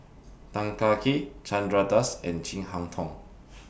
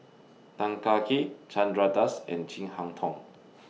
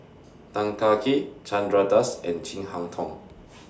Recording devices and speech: boundary microphone (BM630), mobile phone (iPhone 6), standing microphone (AKG C214), read sentence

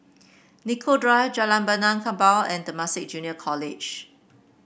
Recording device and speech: boundary microphone (BM630), read sentence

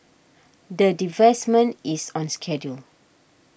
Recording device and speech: boundary microphone (BM630), read sentence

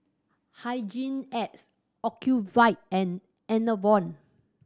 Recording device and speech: standing microphone (AKG C214), read sentence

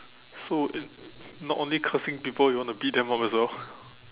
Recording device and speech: telephone, conversation in separate rooms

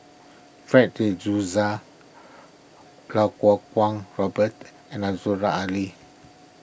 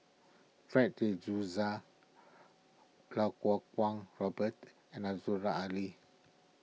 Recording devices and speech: boundary microphone (BM630), mobile phone (iPhone 6), read sentence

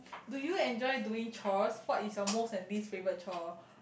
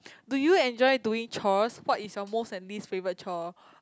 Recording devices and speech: boundary microphone, close-talking microphone, conversation in the same room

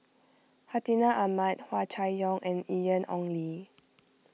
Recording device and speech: mobile phone (iPhone 6), read sentence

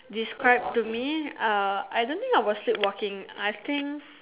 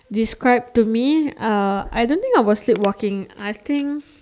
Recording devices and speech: telephone, standing microphone, conversation in separate rooms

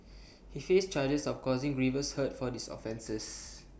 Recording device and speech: boundary microphone (BM630), read sentence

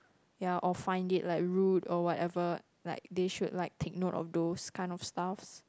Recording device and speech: close-talking microphone, conversation in the same room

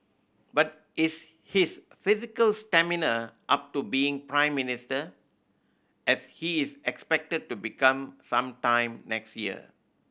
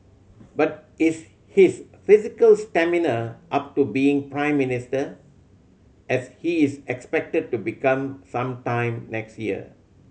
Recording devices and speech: boundary microphone (BM630), mobile phone (Samsung C7100), read sentence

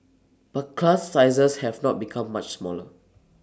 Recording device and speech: standing microphone (AKG C214), read sentence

